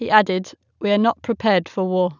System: none